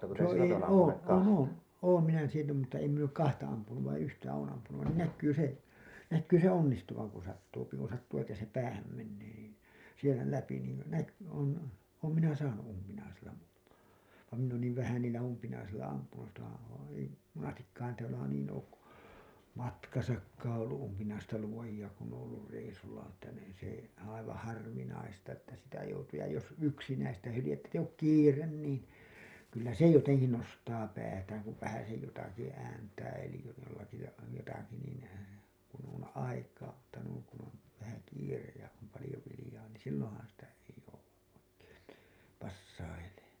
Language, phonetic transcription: Finnish, (se ei oo) , 'oon 'oon , 'oom minä sillä mutta em min ‿ok "kahta ampunum§ vaiḭ 'yhtä oon ampunun nìn näkkyy se , näkkyy se "onnistuvaŋ ku sattuupi ku sattuu että se 'päähäm mennee niin , sielä 'läpi niin näk- , on , oom minä 'saanu’ ’umpinaisilla mu[utaman] , vam minn ‿oon niiv vähän niillä umpinaisilla ampunu , (sitähän̬ on) ei , monastikkaan täälä niin ook ku , 'matkasakkaaa̰ ollu ’umpinaista luoji₍a kun ‿ooo̰ ollur reisulla n ‿että niin se , 'aivaa̰ 'harvinaista että sitä joutuu ja jos "yksinäistä hylijettä ‿ttä eij ‿ook "kiiren niin , kyllä se 'joteŋki nostaa päätääŋ kuv 'vähäsej jotaki ääntää elij jollaki ja , jotaki nìn , kun on 'aikaa , mutta nuiŋ kun ‿on , vähä 'kiirej ja , om 'palĭjo vilĭjaa niin̬ 'silloo̰han sitä ei jouwa’ ’oikeen nii , 'passaileeN .
- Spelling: se ei ole olen olen olen minä sillä mutta en minä ole kahta ampunut vain yhtä olen ampunut niin näkyy se näkyy se onnistuvan kun sattuu kun sattuu että se päähän menee niin siellä läpi niin - on olen minä saanut umpinaisilla muutaman vaan minä olen niin vähän niillä umpinaisilla ampunut sitähän on ei monestikaan täällä niin ole kun matkassakaan ollut umpinaista luotia kun on ollut reissulla ne että niin se aivan harvinaista että sitä joutuu ja jos yksinäistä hyljettä että ei ole kiire niin kyllä se jotenkin nostaa päätään kun vähäsen jotakin ääntää eli jollakin ja jotakin niin kun on aikaa mutta noin kun on vähän kiire ja on paljon viljaa niin silloinhan sitä ei jouda oikein niin passailemaan

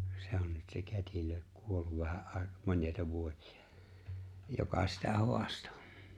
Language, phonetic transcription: Finnish, 'se on nyt se 'kät́ilö , 'kuolluv vähä '’ài̬k- 'mońjài̬ta 'vuośi₍ᴀ , joka sitä 'ho̭asto .
- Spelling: se on nyt se kätilö kuollut vähän - monia vuosia joka sitä haastoi

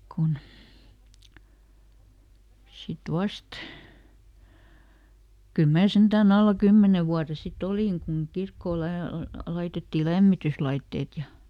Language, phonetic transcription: Finnish, ˈkun , ˈsit ˈvast , kyl ˈmää ˈsentääˈn ‿alla "kymmene vuare siˈt ‿olìŋ kuŋ ˈkirkkoo ˈlä- , ˈlaitettii "lämmityslaitteet ja ,.
- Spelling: kun sitten vasta kyllä minä sentään alla kymmenen vuoden sitten olin kun kirkkoon - laitettiin lämmityslaitteet ja

